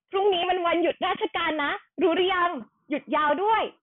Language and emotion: Thai, happy